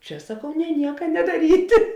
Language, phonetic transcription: Lithuanian, ˈčia saˈkau ne ˈnieka nedaˈryti

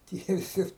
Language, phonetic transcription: Lithuanian, tie viˈsi

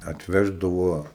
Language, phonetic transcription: Lithuanian, atˈveždavuo

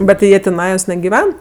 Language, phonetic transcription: Lithuanian, ˈbet ti jie tiˈnajos negiˈven

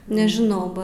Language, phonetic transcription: Lithuanian, nežiˈnau ˈba

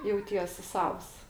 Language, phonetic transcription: Lithuanian, jauˈties' ˈsavs

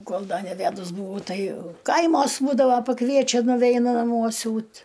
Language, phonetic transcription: Lithuanian, ˈkol ˈda neˈvædus buˈvau ˈtai ˈkaimos ˈbūdavo paˈkviečia nuˈveinu naˈmuo ˈsiūt

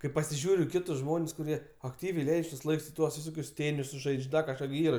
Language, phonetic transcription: Lithuanian, kai pasiˈžiūriu i ˈkitus ˈžmon's' kuˈrie akˈtyviai ˈleidž' tuos ˈlaiks i ˈtuos viˈsokius ˈtėnisus ˈžaidž' ˈda kažˈką gi ˈyra

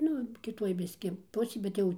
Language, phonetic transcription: Lithuanian, ˈnu kiˈtuoj ˈbiski ˈpusėj bet ˈjau

